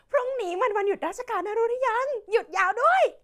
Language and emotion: Thai, happy